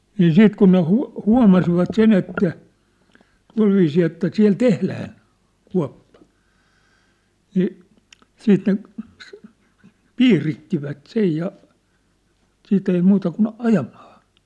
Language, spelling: Finnish, niin sitten kun ne - huomasivat sen että tuolla viisiin että siellä tehdään kuoppa niin sitten ne - piirittivät sen ja sitten ei muuta kuin ajamaan
- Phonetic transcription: nii "siit kun ne hua̭- , 'hua̭masivat 'sen ‿että , 'tua̭lviisii että siä̭l "tehlään̬ , kua̭ppᴀ , nii , 'siit ne , s- , "piirittivät 'sej ja , 'siit ‿ei 'muuta kun 'ajamᴀᴀ .

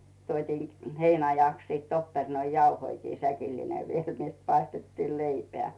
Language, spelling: Finnish, tuotiin heinäajaksi sitten oppernoijauhojakin säkillinen vielä että paistettiin leipää
- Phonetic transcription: tuot́iin , 'heinajaks siit 'oppernoi-"jauhoikii säkillinev viel net 'paistettiil "leipeä̀ .

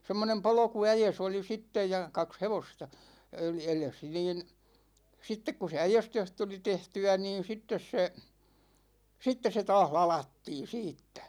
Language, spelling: Finnish, semmoinen polkuäes oli sitten ja kaksi hevosta edessä niin sitten kun se äestys tuli tehtyä niin sitten se sitten se taas ladattiin siitä
- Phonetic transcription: 'semmonem "polᵒku₍äjes ‿oli 'sittej ja , 'kaks 'hevosta , eles 'niin̬ , 'sittek ku se 'äjestöh tuli 'tehty₍ä niin̬ 'sittes se , 'sitte se taah 'lalattiin̬ 'siittÄ .

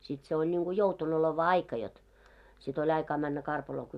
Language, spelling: Finnish, sitten se oli niin kuin jouten oleva aika jotta sitten oli aikaa mennä karpalona
- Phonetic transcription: sit se oĺ ńiŋɢu "jouto'noleva 'aika jot , sit ‿oĺ 'aikaa männä 'karpaloo .

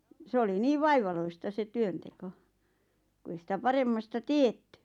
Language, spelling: Finnish, se oli niin vaivalloista se työnteko kun ei sitä paremmasta tiedetty
- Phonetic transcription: 'se oli 'nii "vaivaloista se 'työnteko , kᵘ 'ei sⁱtä 'paremmasta "tietty .

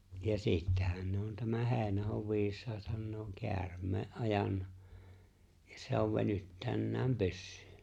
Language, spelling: Finnish, ja sittenhän ne on tämän Heinahon viisaathan ne on käärmeen ajanut ja se on venyttäynytkin pyssyyn
- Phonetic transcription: ja 'siittähän ne on tämäh "He̬e̬ⁱnahov 'viis̀aathan ne oŋ 'keärm̀ee’ '’ajanna , ja 'se ‿o̭v 'venyttännääm "pyssʏʏ .

